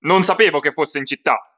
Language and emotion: Italian, angry